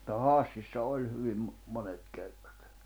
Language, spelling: Finnish, mutta Hassissa oli hyvin monet kerrat
- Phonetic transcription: ᵐᵘtta "Hàssissa 'oĺ 'hyvim , 'monet 'kerᴀt .

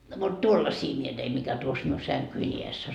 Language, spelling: Finnish, no mutta tuollaisia minä tein mikä tuossa minun sänkyni edessä on
- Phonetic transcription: no mut "tuollasii mie teim mikä tuos miu 'säŋkyi iess ‿o .

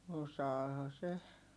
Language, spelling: Finnish, osaahan se
- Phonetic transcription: osaaha se .

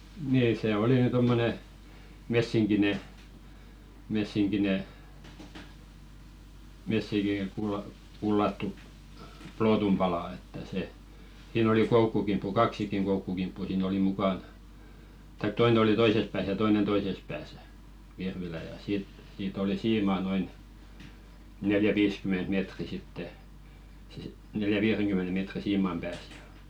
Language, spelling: Finnish, niin se oli nyt tuommoinen messinkinen messinkinen - messinkikullattu plootun pala että se siinä oli koukkukimppu kaksikin koukkukimppua siinä oli mukana tai toinen oli toisessa päässä ja toinen toisessa päässä virvilä ja siitä siitä oli siima noin neljä-viisikymmentä metriä sitten neljän-viidenkymmenen metrin siiman päässä ja
- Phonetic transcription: nii sè "oli ny 'tommone , 'messiŋkine , messiŋkine , 'messiŋki'kulla- , -kullattu , "plootum palà että se , sii'n ‿oli "koukkukimppu "kaksikiŋ koukkukimppu sii'n ‿oli 'mukan , taik 'toine oli "toises pääs ja 'toinen "toises pääsᴀ̈ , 'virvilä̀ ja "siit , 'siit ‿oli 'siimà noin , neljä'viiskyment mètri sitte , neljä"viireŋkymmene mètri 'siimam pääs ᴊᴀ .

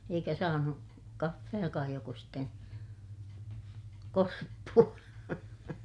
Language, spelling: Finnish, eikä saanut kahvejakaan joko sitten korppua
- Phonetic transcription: eikä saanu , kaffejakaaj joko sitten , korppu₍a .

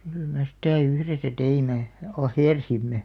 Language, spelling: Finnish, kyllä me sitä yhdessä teimme ahersimme
- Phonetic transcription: kyl me 'sⁱtä̀ "yhresä 'teime , "ahèrsimme .

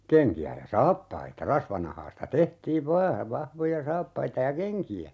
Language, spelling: Finnish, kenkiä ja saappaita rasvanahasta tehtiin vain vahvoja saappaita ja kenkiä
- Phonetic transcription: 'keŋki₍ä ja "saappaita , 'rasvanahaasta 'tehtiiv "vaa , 'vahvoja "saappaita ja "keŋki₍ä .

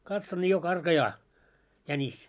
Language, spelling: Finnish, katson niin jo karkaa jänis
- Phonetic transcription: 'katson ńi jo "karkajaa , 'jänis .

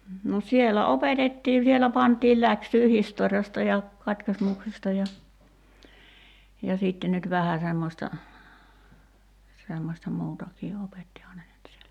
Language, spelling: Finnish, no siellä opetettiin siellä pantiin läksyä historiasta ja katkismuksesta ja ja sitten nyt vähän semmoista semmoista muutakin opettihan ne nyt siellä
- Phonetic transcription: no 'sielä "opetettii sielä 'pant̀iil 'läksyy 'historjasta ja , 'katkismuksesta ja , ja sìtte nyt "vähä 'semmośta , 'semmośta "muutakii 'opettihaa ne 'nyt sielä .

